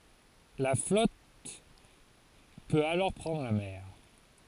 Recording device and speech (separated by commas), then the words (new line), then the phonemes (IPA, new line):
forehead accelerometer, read sentence
La flotte peut alors prendre la mer.
la flɔt pøt alɔʁ pʁɑ̃dʁ la mɛʁ